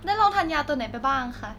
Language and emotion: Thai, neutral